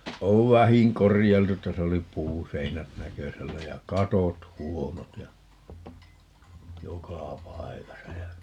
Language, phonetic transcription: Finnish, 'ov "vähiŋ 'korijailtu - 'täs ‿oli "puuseinät 'näkösällä ja "katot "huonot ja , "jokà "pai̮kasa ja ,.
- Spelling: on vähin korjailtu tässä oli puuseinät näkösällä ja katot huonot ja joka paikassa ja

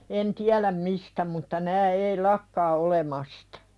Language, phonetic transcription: Finnish, en "tiäläm 'mistä mutta 'nää ei "lakkaa olemastᴀ .
- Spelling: en tiedä mistä mutta nämä ei lakkaa olemasta

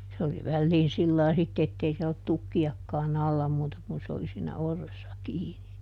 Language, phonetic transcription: Finnish, se oli ˈvälliin ˈsillai ˈsitte ettei ˈsiɛl ‿ollut ˈtukki₍akkaaˈn ‿alla ˈmuuta kun se oli siinä "orressa ˈkiini .
- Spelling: se oli väliin sillä lailla sitten että ei siellä ollut tukkiakaan alla muuta kuin se oli siinä orressa kiinni

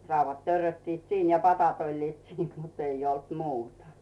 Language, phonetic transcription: Finnish, 'rauvvat 'törröttiit "siin ja 'patat oĺliit 'siin mut ‿ei olt "muuta .
- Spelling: raudat törröttivät siinä ja padat olivat siinä mutta ei ollut muuta

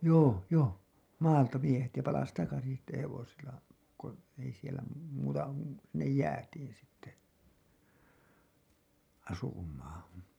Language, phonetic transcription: Finnish, joo , 'joo , "maalta miehet ja palas takasin̬ sitte 'hevosil̆la , ko , ei sielä , muuta , sinnej "jäätiin sitte , 'asum̀aa(n̬) .
- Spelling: joo joo maalta miehet ja palasi takaisin sitten hevosilla kun ei siellä muuta sinne jäätiin sitten asumaan

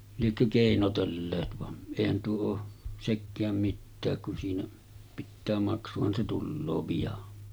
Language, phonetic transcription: Finnish, liekkö 'kèinotelleet van , èihän tuo oo , 'sekkääm 'mittääk kun siinä , pittää 'maksuhan se 'tulloo pijan .
- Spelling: liekö keinotelleet vaan eihän tuo ole sekään mitään kun siinä pitää maksuhan se tulee pian

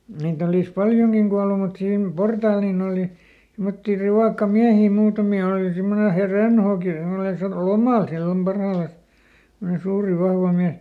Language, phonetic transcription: Finnish, ˈniit ‿olis ˈpaljoŋkiŋ Gualu mut ˈsiim "portaal nin ‿òli , simmotti ˈrivàkkaˈmiähì ˈmuutami òli ˈsimmone He- "Rönhooki ˈsemmone satu , "lomàl ˈsillom ˈparhaalas , (sim)mone ˈsuuri ˈvahva ˈmiäs .
- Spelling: niitä olisi paljonkin kuollut mutta siinä portaalla niin oli semmoisia rivakkamiehiä muutamia oli semmoinen - Rönhooki semmoinen sattui lomalla silloin parhaillaan semmoinen suuri vahva mies

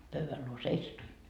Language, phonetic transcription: Finnish, 'pöyväl luo "seisatuin .
- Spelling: pöydän luo seisatuin

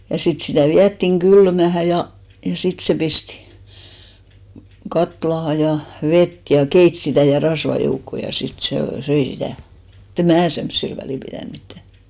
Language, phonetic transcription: Finnish, ja 'sit sitä̀ 'viättiŋ 'ɢylmähä ja , ja 'sit se 'pistⁱ , 'katlaha ja , 'vet ja "keit sitä̀ ja 'rasva 'joukkò ja 'sit sè , "söi sitä̀ mut ‿em "mää semssil 'välì pitä̀n mittä .
- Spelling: ja sitten sitä vietiin kylmään ja ja sitten se pisti kattilaan ja vettä ja keitti sitä ja rasvaa joukkoon ja sitten se söi sitä mutta en minä semmoisilla väliä pitänyt mitään

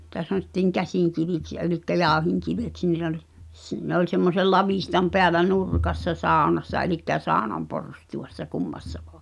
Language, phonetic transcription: Finnish, [nii]tä sanotti̳ŋ 'käsìŋ̆kiviks ja elikkä 'jàu̬hiŋkiveks (niit ‿ol) , s- , ne ‿oĺ semmosel 'lavìhtam peälä "nurkassa 'sàonassa elikkä 'sàonam "porstu₍assa 'kummassa vᴏᴀ̆ .
- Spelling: niitä sanottiin käsinkiviksi ja eli jauhinkiveksi niitä oli - ne oli semmoisen lavitsan päällä nurkassa saunassa eli saunan porstuassa kummassa vain

